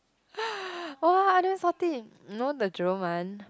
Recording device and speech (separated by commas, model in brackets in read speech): close-talking microphone, conversation in the same room